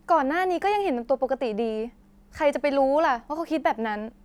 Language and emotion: Thai, frustrated